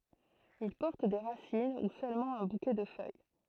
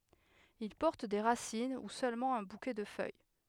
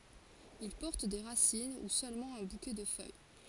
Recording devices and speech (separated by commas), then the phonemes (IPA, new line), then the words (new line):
throat microphone, headset microphone, forehead accelerometer, read sentence
il pɔʁt de ʁasin u sølmɑ̃ œ̃ bukɛ də fœj
Ils portent des racines ou seulement un bouquet de feuilles.